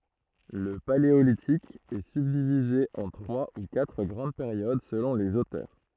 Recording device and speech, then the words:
throat microphone, read sentence
Le Paléolithique est subdivisé en trois ou quatre grandes périodes selon les auteurs.

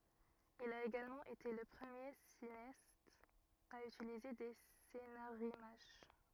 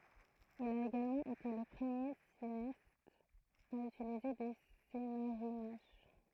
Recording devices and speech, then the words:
rigid in-ear microphone, throat microphone, read sentence
Il a également été le premier cinéaste à utiliser des scénarimages.

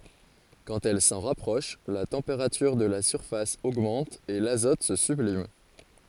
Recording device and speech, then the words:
forehead accelerometer, read sentence
Quand elle s'en rapproche, la température de la surface augmente et l'azote se sublime.

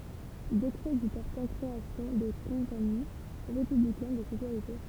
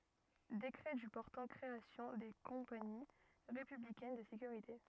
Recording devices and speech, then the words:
temple vibration pickup, rigid in-ear microphone, read sentence
Décret du portant création des Compagnies républicaines de sécurité.

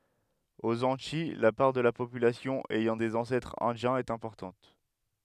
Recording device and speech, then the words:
headset microphone, read sentence
Aux Antilles, la part de la population ayant des ancêtres indiens est importante.

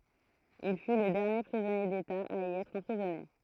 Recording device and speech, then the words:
throat microphone, read sentence
Il fut le dernier prisonnier d'État à y être emprisonné.

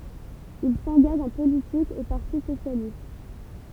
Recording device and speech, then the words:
temple vibration pickup, read sentence
Il s'engage en politique au Parti socialiste.

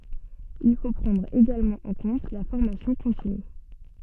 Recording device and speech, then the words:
soft in-ear microphone, read sentence
Il faut prendre également en compte la formation continue.

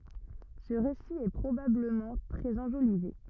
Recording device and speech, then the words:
rigid in-ear microphone, read sentence
Ce récit est probablement très enjolivé.

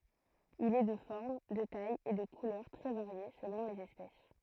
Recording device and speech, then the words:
throat microphone, read sentence
Il est de forme, de taille et de couleurs très variées selon les espèces.

